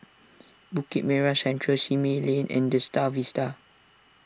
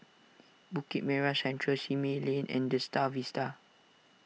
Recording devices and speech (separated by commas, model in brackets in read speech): standing microphone (AKG C214), mobile phone (iPhone 6), read sentence